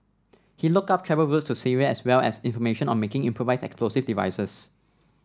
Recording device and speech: standing microphone (AKG C214), read sentence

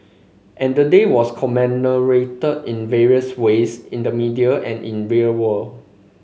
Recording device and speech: mobile phone (Samsung C5), read sentence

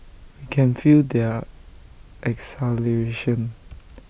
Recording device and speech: boundary microphone (BM630), read sentence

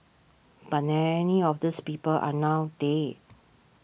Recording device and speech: boundary microphone (BM630), read sentence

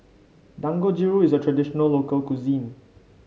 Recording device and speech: mobile phone (Samsung C5), read sentence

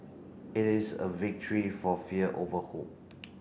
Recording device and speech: boundary microphone (BM630), read sentence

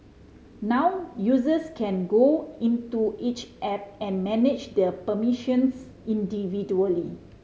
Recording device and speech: mobile phone (Samsung C5010), read sentence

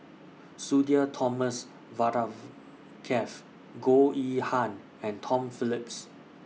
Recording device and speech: mobile phone (iPhone 6), read sentence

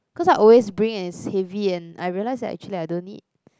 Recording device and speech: close-talking microphone, conversation in the same room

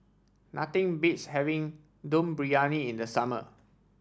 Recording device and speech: standing microphone (AKG C214), read sentence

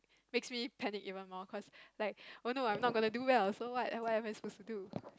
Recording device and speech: close-talking microphone, conversation in the same room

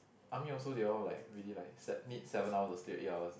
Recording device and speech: boundary microphone, conversation in the same room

